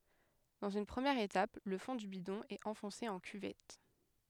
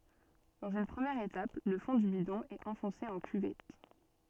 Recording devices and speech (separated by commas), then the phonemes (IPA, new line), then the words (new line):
headset microphone, soft in-ear microphone, read sentence
dɑ̃z yn pʁəmjɛʁ etap lə fɔ̃ dy bidɔ̃ ɛt ɑ̃fɔ̃se ɑ̃ kyvɛt
Dans une première étape, le fond du bidon est enfoncé en cuvette.